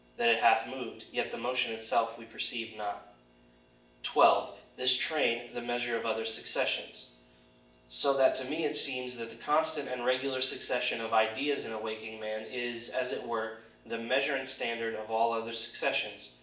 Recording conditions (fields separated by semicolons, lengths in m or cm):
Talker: one person; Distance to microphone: 1.8 m; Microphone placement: close; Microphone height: 1.0 m; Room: large; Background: none